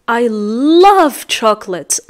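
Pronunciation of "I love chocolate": In 'I love chocolate', the stress is on 'love'.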